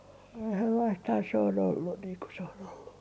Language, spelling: Finnish, sellaistahan se on ollut niin kuin se on ollut
- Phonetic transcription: sellaisthaa se on 'ollun niiŋ ku se on ollu .

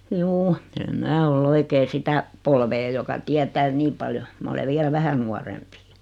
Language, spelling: Finnish, juu en minä ole oikein sitä polvea joka tietää niin paljon minä olen vielä vähän nuorempi
- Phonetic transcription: 'juu , em "mää ol 'oikee "sitä , 'polvee joka 'tiätää 'nii paljo , 'ma ole 'vielä "vähä nuarempi .

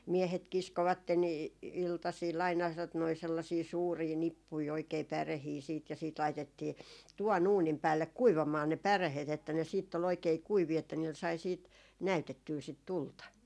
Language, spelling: Finnish, miehet kiskoivat - iltasilla aina tuota noin sellaisia suuria nippuja oikein päreitä sitten ja sitten laitettiin tuvan uunin päälle kuivamaan ne päreet että ne sitten oli oikein kuivia että niillä sai sitten näytettyä sitä tulta
- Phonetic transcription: 'miehet 'kiskovatten ‿i- , 'iltasiil aina tot noi sellasii 'suurii "nippui oikei 'pärehii siit ja siit 'laitettii , 'tuva"n ‿uunim päällek "kuivamaa ne "pärehet että ne siitt ‿o'l ‿oikei "kuivii että niil sai siit , "näytettyy sit "tulta .

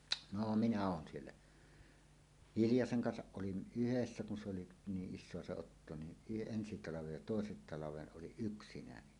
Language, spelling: Finnish, no minä olen siellä Hiljasen kanssa olin yhdessä kun se oli niin isoa se otto niin - ensi talven ja toisen talven olin yksinäni
- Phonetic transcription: no minä oon siellä , "hiljaseŋ 'kansaˀ 'ˀolin "ˀyhessä kun se oli , 'niiˀ 'ˀis̆soa se otto ni , y- 'ensi 'talavej ja 'tòesen talaveˀ 'ˀoliˀ "ˀyksinäni .

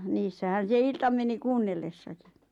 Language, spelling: Finnish, niissähän se ilta meni kuunnellessakin
- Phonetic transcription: 'niissähän̬ se 'ilta meni "kuunnellessakɪ .

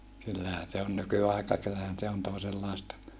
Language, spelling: Finnish, kyllähän se on nykyaika kyllähän se on toisenlaista
- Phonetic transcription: kyllähä se on nyky₍àika kyllähän se on tòesellàesta .

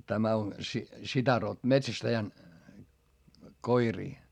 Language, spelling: Finnish, tämä on sitä - metsästäjän koiria
- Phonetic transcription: tämä on sitä ro- , metsästäjän , koirii .

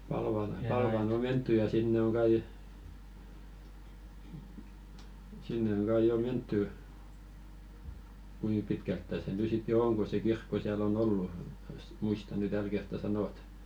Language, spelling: Finnish, Palvalla Palvaan on menty ja sinne on kai sinne on kai jo menty kuinka pitkältä se nyt sitten jo on kun se kirkko siellä on ollut muista nyt tällä kertaa sanoa
- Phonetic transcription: 'Palval 'Palvàn ‿o "mentty ja "sinne oŋ ɢai , 'sinne oŋ ɢai "jo 'mentty , "kui 'pitkälttä se ny 'sit jo 'oŋ ko se "kirkko 'siäl ‿o'n ‿ollu , muista ny 'täl kertta "sanot .

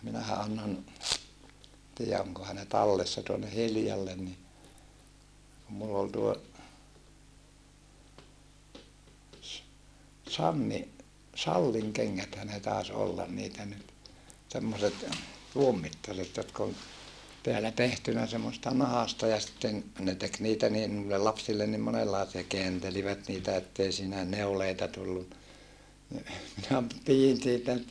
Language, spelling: Finnish, minähän annoin tiedä onkohan ne tallessa tuonne Hiljalle niin kun minulla oli tuo - Sanni Sallin kengäthän ne taisi olla niitä nyt semmoiset tuon mittaiset jotka on täällä tehty semmoisesta nahasta ja sitten ne teki niitä niin noille lapsille niin monenlaisia kääntelivät niitä että ei siinä neuleita tullut niin minä pidin niitä nyt
- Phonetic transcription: minähä annon , tii₍ä oŋkoha ne tallessa tuonne Hiljallen ni , kum mull ‿ol tuo , s- , Sanni Salliŋ keŋŋäthä ne tàes ollan niitä nyt , semmoset , tuom mittaset jotk ‿on teälä tehtynä semmosesta nahasta ja sⁱtten , ne tek niitä niin nuillel lapsillen nim monellàisia keäntelivät niitä ettei siinä , neuleita tulluna , ni , minä , pijin (n)iitä nyt ,.

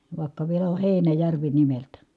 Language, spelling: Finnish, vaikka vielä on Heinäjärvi nimeltään
- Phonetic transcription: vài̮kka vielä o Heinäjärvi nimeltä .

